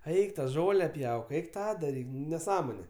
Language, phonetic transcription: Lithuanian, ˈeik ta ˈžole ˈpjauk ˈeik ˈtą daˈryk neˈsąmone

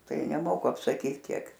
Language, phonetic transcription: Lithuanian, ˈtai neˈmoku apsaˈkyt ˈkiek

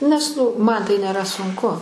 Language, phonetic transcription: Lithuanian, nes ˈnu ˈman tai nėˈra sunˈku

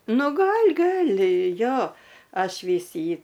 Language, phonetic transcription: Lithuanian, nu ˈgal' ˈgal' ˈjo ˈaš ˈvys ˈjį

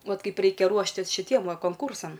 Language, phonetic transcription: Lithuanian, ˈvat ˈkaip ˈreikia ˈruoštis šiˈtiem ˈva konˈkūrsam

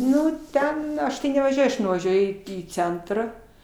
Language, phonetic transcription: Lithuanian, ˈnu ˈten ˈaš tai nevaˈžiuoj aš nuvaˈžiuoju į ˈcentrą

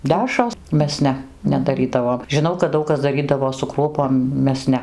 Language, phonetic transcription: Lithuanian, ˈdæšros ˈmes ˈne nedaˈrydavom žiˈnau kad ˈdaug kas daˈrydavo su ˈkruopom ˈmes ˈne

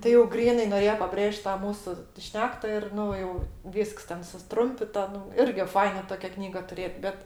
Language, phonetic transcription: Lithuanian, ti jau ˈgrynai noˈrėjo paˈbrėžt ˈtą ˈmūsu ˈšnekta ir ˈnu jau ˈvysks ˈten susˈtrumpita ˈnu ˈirgi ˈfaina ˈtokia ˈknyga tuˈrėt ˈbet

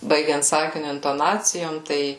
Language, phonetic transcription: Lithuanian, ˈbaigiant ˈsakiniu intoˈnacijom ˈtai

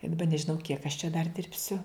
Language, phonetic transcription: Lithuanian, i daˈba nežiˈnau kiek aš čia dar ˈdirbsiu

